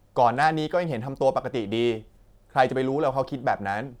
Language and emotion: Thai, neutral